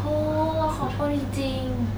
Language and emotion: Thai, sad